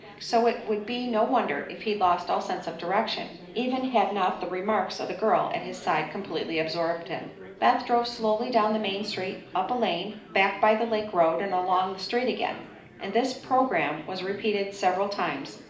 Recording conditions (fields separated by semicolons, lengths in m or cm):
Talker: one person; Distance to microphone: 2.0 m; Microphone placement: close; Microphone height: 99 cm; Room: medium-sized (5.7 m by 4.0 m); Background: babble